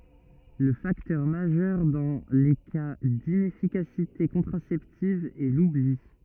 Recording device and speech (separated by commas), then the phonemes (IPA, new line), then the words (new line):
rigid in-ear microphone, read sentence
lə faktœʁ maʒœʁ dɑ̃ le ka dinɛfikasite kɔ̃tʁasɛptiv ɛ lubli
Le facteur majeur dans les cas d'inefficacité contraceptive est l'oubli.